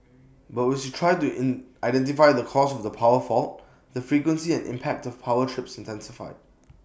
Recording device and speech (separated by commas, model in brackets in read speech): boundary microphone (BM630), read sentence